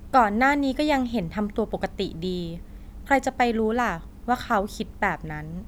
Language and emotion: Thai, neutral